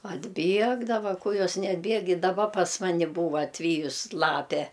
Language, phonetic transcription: Lithuanian, atˈbiegdava ˈku ˈjos neatˈbieg i daˈba pas ˈmani ˈbūva atˈvyjus ˈlape

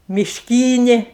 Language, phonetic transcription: Lithuanian, mišˈkynė

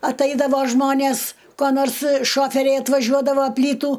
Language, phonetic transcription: Lithuanian, atˈaidavo ˈžmonės ko ˈnors ˈšoferiai atvaˈžiuodavo ˈplytų

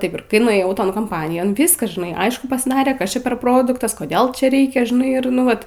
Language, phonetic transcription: Lithuanian, ˈtaip ir ˈkai nuėˈjau ˈton komˈpanijon ˈviskas žiˈnai ˈaišku pasˈdarė ˈkas ˈčia per ˈproduktas koˈdėl ˈčia ˈreikia žiˈnai ir ˈnu ˈvat

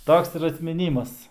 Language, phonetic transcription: Lithuanian, ˈtoks ir atmiˈnymas

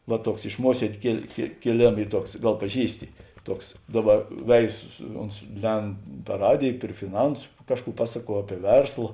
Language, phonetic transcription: Lithuanian, va ˈtuoks iš ˈmuosiedė kėl kė kėˈlėma ˈy ˈtuoks ˈgal paˈžįsti ˈtuoks ˈdaˌba ˈveizu su ˈons ˈlend par ˈradėj pri fiˈnansu ˈkažˌkų ˈpasaˌkuo ˈapie ˈversla

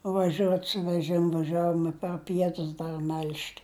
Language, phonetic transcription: Lithuanian, vaˈžiuot su veˈžimu vaˈžiavom i par ˈpietus ˈdar mel'ž't

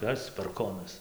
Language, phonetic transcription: Lithuanian, ˈkas parˈkonas

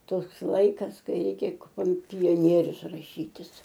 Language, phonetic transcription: Lithuanian, ˈtoks ˈlaikas ˈkai ˈreikia kom pioˈnierius raˈšytis

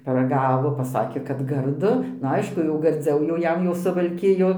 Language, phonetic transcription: Lithuanian, paraˈgavo paˈsakė kad garˈdu nu ˈaišku jau garˈdziau jau ˈjam jau suvalˈkijo

